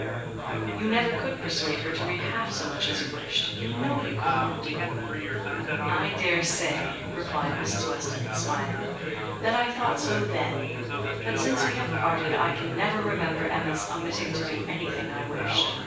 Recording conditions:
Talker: one person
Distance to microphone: 9.8 m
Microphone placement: far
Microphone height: 1.8 m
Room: large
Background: babble

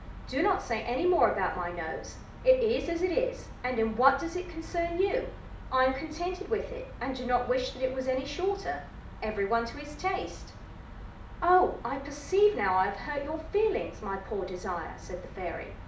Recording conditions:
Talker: one person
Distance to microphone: 2.0 m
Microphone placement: close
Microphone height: 99 cm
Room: medium-sized (5.7 m by 4.0 m)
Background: none

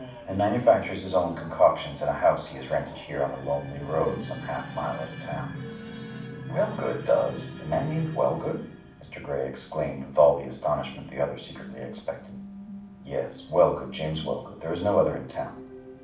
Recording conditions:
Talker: one person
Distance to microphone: 5.8 m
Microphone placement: far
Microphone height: 1.8 m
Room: medium-sized (5.7 m by 4.0 m)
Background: television

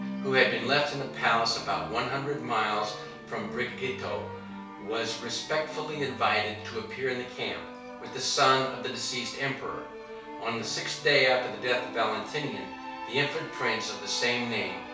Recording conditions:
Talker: one person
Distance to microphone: 3.0 m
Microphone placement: far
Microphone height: 1.8 m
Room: small (3.7 m by 2.7 m)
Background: music

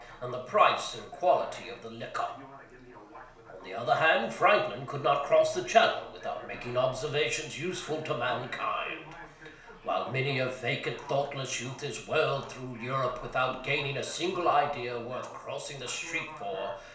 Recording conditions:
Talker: one person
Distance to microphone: 1.0 m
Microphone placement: close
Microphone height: 1.1 m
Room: small (3.7 m by 2.7 m)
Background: television

